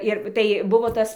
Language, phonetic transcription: Lithuanian, ˈir tai ˈbuvo ˈtas

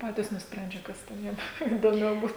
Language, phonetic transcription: Lithuanian, ˈpatys nusˈprendžia ˈkas ten ˈjiem įdoˈmiau ˈbūt

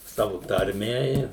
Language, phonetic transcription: Lithuanian, ˈsavu tarˈme i

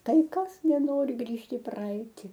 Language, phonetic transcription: Lithuanian, ˈtai ˈkas neˈnori ˈgrįžt' į ˈpraeiti

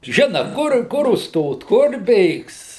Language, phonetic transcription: Lithuanian, ˈžina ˈkur ˈkur užˈstot ˈkur ˈbėgs

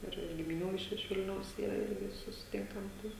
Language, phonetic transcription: Lithuanian, ˈir gimiˈnių iš iš ˈvilniaus ˈyra ˈirgi susiˈtinkam ˈtai

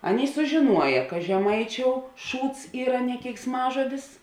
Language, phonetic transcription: Lithuanian, ˈaˌnėi sužiˈnuoja ka žeˈmaiˌčiou ˈšūds ˈyra ne keiksˈmažodis

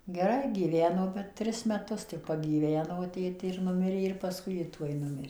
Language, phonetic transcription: Lithuanian, geˈrai gyˈveno bet ˈtris meˈtus tik pagyˈveno ˈtėtė ir ˈnumirė ir paˈskui ˈji ˈtuoj ˈnumirė

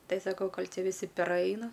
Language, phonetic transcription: Lithuanian, ˈtai ˈsakau ˈkol' ˈti viˈsi peˈraina

